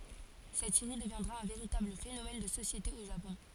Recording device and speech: forehead accelerometer, read sentence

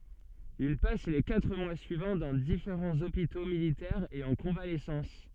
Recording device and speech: soft in-ear microphone, read sentence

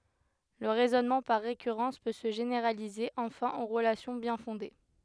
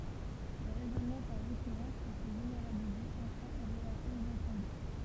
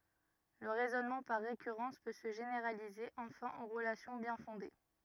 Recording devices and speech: headset microphone, temple vibration pickup, rigid in-ear microphone, read sentence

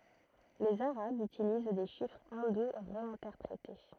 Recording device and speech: throat microphone, read sentence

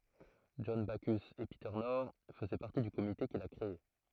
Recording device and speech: throat microphone, read sentence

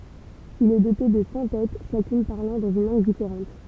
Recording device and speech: temple vibration pickup, read sentence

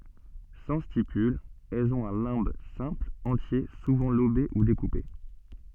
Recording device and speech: soft in-ear microphone, read sentence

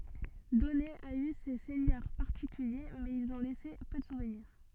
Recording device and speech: soft in-ear microphone, read sentence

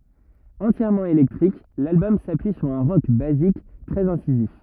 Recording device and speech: rigid in-ear microphone, read sentence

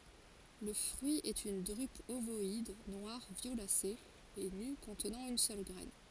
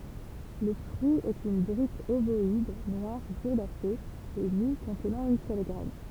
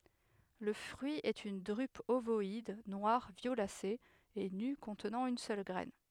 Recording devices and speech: forehead accelerometer, temple vibration pickup, headset microphone, read sentence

